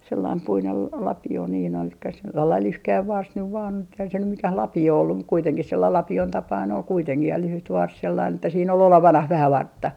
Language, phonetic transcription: Finnish, sellaim 'puinel la - 'lapi₍o niin ‿ol sellail 'lyhkäiv 'vars nyv vaan eihän se nym "mikäh 'lapi₍o ollum mut 'kuiteŋkih 'sellail 'lapi₍on 'tapain ol kuiteŋkih ja 'lyhyt vars sellain ‿että siin ‿ol "olevanah 'vähä "vartta .
- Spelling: sellainen puinen - lapio niin oli sellainen lyhkäinen varsi nyt vain eihän se nyt mikään lapio ollut mutta kuitenkin sellainen lapion tapainen oli kuitenkin ja lyhyt varsi sellainen että siinä oli olevinaan vähän vartta

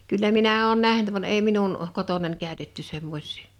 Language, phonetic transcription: Finnish, 'kyllä minä 'oon "nähnt van 'èi 'minun , 'kotonań 'kä̀ö̭tetty 'semmoś̀ɪɪ .
- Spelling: kyllä minä olen nähnyt vaan ei minun kotonani käytetty semmoisia

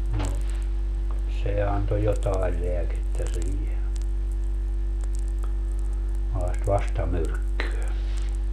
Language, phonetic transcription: Finnish, no , 'se anto 'jotae 'leäkettä siihe , (sellaest) "vastamyrkkyö .
- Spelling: no se antoi jotakin lääkettä siihen sellaista vastamyrkkyä

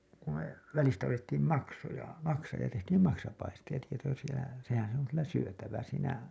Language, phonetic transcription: Finnish, ku me välistä otettiim 'maksoja , maksaa , ja tehtiim 'maksapaistiʲa , sehän̬ se ‿oŋ kyllä 'syötävä siinä .
- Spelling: kun me välistä otettiin maksoja maksaa ja tehtiin maksapaistia sehän se on kyllä syötävä siinä

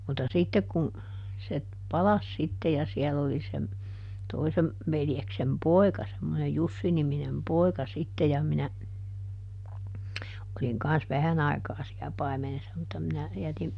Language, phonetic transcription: Finnish, mutta ˈsittek kun , se , "palas ˈsitte ja ˈsiɛll ‿oli sem , ˈtoisem , ˈveljeksem "poi̮ka semmonej "Jussi-niminem "poi̮ka ˈsitte ja minä , oliŋ ˈkans "vähän ‿ai̮kaa siä ˈpaimenessa mutta minä , ˈjätim ,.
- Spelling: mutta sitten kun se palasi sitten ja siellä oli sen toisen veljeksen poika semmoinen Jussi-niminen poika sitten ja minä olin kanssa vähän aikaa siellä paimenessa mutta minä jätin

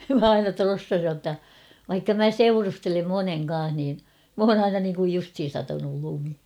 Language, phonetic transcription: Finnish, mä 'aina "trossasij jotta , vaikka mä "seurustelem "moneŋ ka̰a̰h niin , m ‿oon ‿'aina niiŋkuj 'justhin̬ satanul 'lumi .
- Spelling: minä aina trossasin jotta vaikka minä seurustelen monen kanssa niin minä olen aina niin kuin justiin satanut lumi

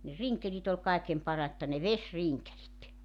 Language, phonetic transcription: Finnish, ne "riŋkelit ‿ol 'kaekem 'paratta ne "vesriŋkelit .
- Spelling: ne rinkelit oli kaiken parasta ne vesirinkelit

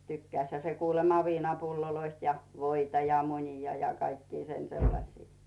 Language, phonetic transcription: Finnish, 'tykkäⁱshä se kuulema 'viinapulloloist ja , 'voita ja 'muńi̳a̳ ja 'kaikki sen 'seⁱlasi .
- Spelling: tykkäsihän se kuulemma viinapulloista ja voita ja munia ja kaikkia sen sellaisia

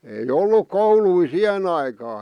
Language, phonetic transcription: Finnish, ei "ol̆luk "koului "siʰen ‿aikaa .
- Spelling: ei ollut kouluja siihen aikaan

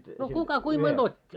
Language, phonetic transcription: Finnish, no 'kuka kuim monᴅ "ot́t́i .
- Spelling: no kuka kuinka monta otti

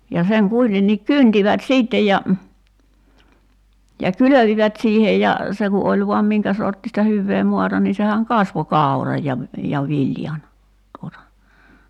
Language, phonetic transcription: Finnish, ja 'seŋ 'kuitenniik "kyntivät "siittej ja , ja "kylövivät 'siihej ja , 'se ku 'oĺ voam "miŋkä sorttista 'hyvvee 'moata ni 'sehäŋ "kasvo 'kàu̬raj ja , ja 'viljan , tuota .
- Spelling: ja sen kuitenkin kyntivät sitten ja ja kylvivät siihen ja se kun oli vain minkä sorttista hyvää maata niin sehän kasvoi kauran ja ja viljan tuota

